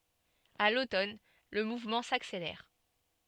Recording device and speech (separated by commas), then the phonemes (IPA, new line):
soft in-ear microphone, read sentence
a lotɔn lə muvmɑ̃ sakselɛʁ